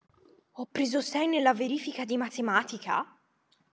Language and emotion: Italian, surprised